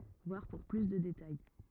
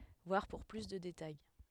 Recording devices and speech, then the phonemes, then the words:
rigid in-ear microphone, headset microphone, read sentence
vwaʁ puʁ ply də detaj
Voir pour plus de détails.

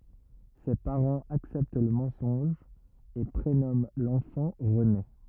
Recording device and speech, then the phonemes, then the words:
rigid in-ear microphone, read sentence
se paʁɑ̃z aksɛpt lə mɑ̃sɔ̃ʒ e pʁenɔmɑ̃ lɑ̃fɑ̃ ʁəne
Ses parents acceptent le mensonge et prénomment l'enfant René.

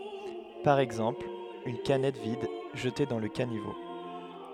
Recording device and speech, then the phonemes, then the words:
headset microphone, read sentence
paʁ ɛɡzɑ̃pl yn kanɛt vid ʒəte dɑ̃ lə kanivo
Par exemple, une canette vide, jetée dans le caniveau.

